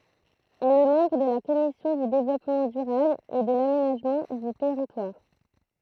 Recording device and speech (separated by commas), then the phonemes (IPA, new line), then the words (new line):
throat microphone, read sentence
ɛl ɛ mɑ̃bʁ də la kɔmisjɔ̃ dy devlɔpmɑ̃ dyʁabl e də lamenaʒmɑ̃ dy tɛʁitwaʁ
Elle est membre de la Commission du Développement durable et de l'Aménagement du territoire.